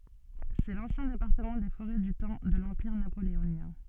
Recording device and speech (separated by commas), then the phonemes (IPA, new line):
soft in-ear microphone, read sentence
sɛ lɑ̃sjɛ̃ depaʁtəmɑ̃ de foʁɛ dy tɑ̃ də lɑ̃piʁ napoleonjɛ̃